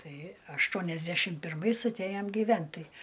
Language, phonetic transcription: Lithuanian, ˈtai ašˈtuoniasdešim pirˈmais atˈæjam gyˈvent ˈtai

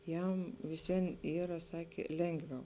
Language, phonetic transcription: Lithuanian, ˈjam vis ˈvien ˈyra ˈsakė ˈlengˌviau

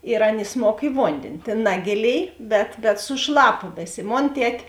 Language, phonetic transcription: Lithuanian, ir ˈan isˈmok i ˈvondėni ˈtėn ˈnagėˌlėi bet bet suˈšlapa ˈbaisiā ˈmon ˈtet'

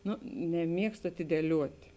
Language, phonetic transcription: Lithuanian, ˈnu neˈmiegstu atidieˈliuot'

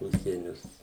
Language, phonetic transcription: Lithuanian, ˈužsienius

